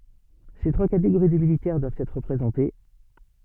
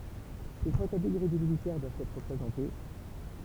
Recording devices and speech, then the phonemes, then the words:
soft in-ear microphone, temple vibration pickup, read sentence
se tʁwa kateɡoʁi də militɛʁ dwavt ɛtʁ ʁəpʁezɑ̃te
Ces trois catégories de militaires doivent être représentées.

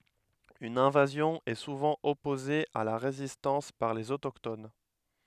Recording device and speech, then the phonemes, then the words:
headset microphone, read sentence
yn ɛ̃vazjɔ̃ ɛ suvɑ̃ ɔpoze a la ʁezistɑ̃s paʁ lez otokton
Une invasion est souvent opposée à la résistance par les autochtones.

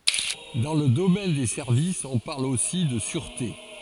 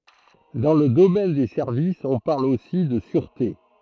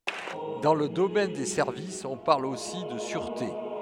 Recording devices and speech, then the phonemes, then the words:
forehead accelerometer, throat microphone, headset microphone, read sentence
dɑ̃ lə domɛn de sɛʁvisz ɔ̃ paʁl osi də syʁte
Dans le domaine des services, on parle aussi de sûreté.

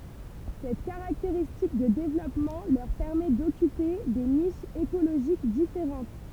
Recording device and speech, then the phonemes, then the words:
temple vibration pickup, read sentence
sɛt kaʁakteʁistik də devlɔpmɑ̃ lœʁ pɛʁmɛ dɔkype de niʃz ekoloʒik difeʁɑ̃t
Cette caractéristique de développement leur permet d'occuper des niches écologiques différentes.

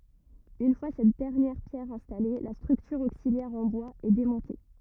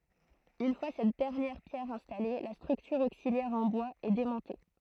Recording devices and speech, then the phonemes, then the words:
rigid in-ear microphone, throat microphone, read sentence
yn fwa sɛt dɛʁnjɛʁ pjɛʁ ɛ̃stale la stʁyktyʁ oksiljɛʁ ɑ̃ bwaz ɛ demɔ̃te
Une fois cette dernière pierre installée, la structure auxiliaire en bois est démontée.

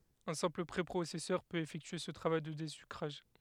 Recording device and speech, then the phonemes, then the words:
headset microphone, read sentence
œ̃ sɛ̃pl pʁepʁosɛsœʁ pøt efɛktye sə tʁavaj də dezykʁaʒ
Un simple préprocesseur peut effectuer ce travail de désucrage.

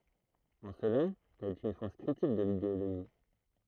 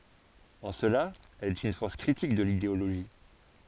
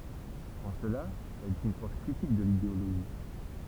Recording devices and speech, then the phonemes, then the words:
throat microphone, forehead accelerometer, temple vibration pickup, read sentence
ɑ̃ səla ɛl ɛt yn fɔʁs kʁitik də lideoloʒi
En cela, elle est une force critique de l'idéologie.

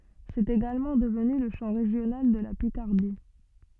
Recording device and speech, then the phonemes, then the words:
soft in-ear microphone, read sentence
sɛt eɡalmɑ̃ dəvny lə ʃɑ̃ ʁeʒjonal də la pikaʁdi
C'est également devenu le chant régional de la Picardie.

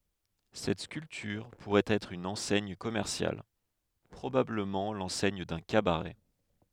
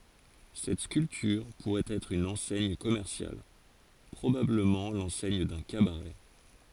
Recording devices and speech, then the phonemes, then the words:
headset microphone, forehead accelerometer, read sentence
sɛt skyltyʁ puʁɛt ɛtʁ yn ɑ̃sɛɲ kɔmɛʁsjal pʁobabləmɑ̃ lɑ̃sɛɲ dœ̃ kabaʁɛ
Cette sculpture pourrait être une enseigne commerciale, probablement l'enseigne d'un cabaret.

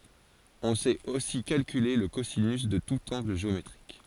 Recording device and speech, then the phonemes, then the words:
forehead accelerometer, read sentence
ɔ̃ sɛt osi kalkyle lə kozinys də tut ɑ̃ɡl ʒeometʁik
On sait aussi calculer le cosinus de tout angle géométrique.

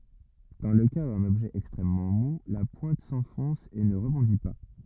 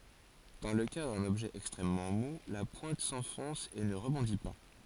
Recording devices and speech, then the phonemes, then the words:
rigid in-ear microphone, forehead accelerometer, read sentence
dɑ̃ lə ka dœ̃n ɔbʒɛ ɛkstʁɛmmɑ̃ mu la pwɛ̃t sɑ̃fɔ̃s e nə ʁəbɔ̃di pa
Dans le cas d'un objet extrêmement mou, la pointe s'enfonce et ne rebondit pas.

